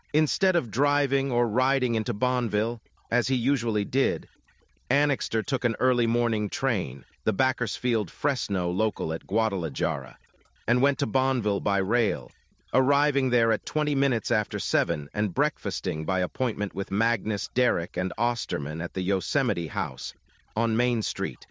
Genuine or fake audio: fake